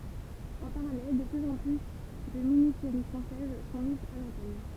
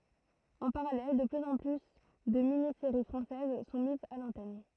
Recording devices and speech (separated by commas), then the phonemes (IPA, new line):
temple vibration pickup, throat microphone, read sentence
ɑ̃ paʁalɛl də plyz ɑ̃ ply də mini seʁi fʁɑ̃sɛz sɔ̃ mizz a lɑ̃tɛn